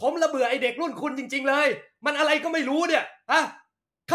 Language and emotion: Thai, angry